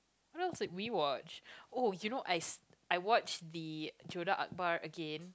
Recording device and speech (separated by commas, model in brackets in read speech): close-talking microphone, conversation in the same room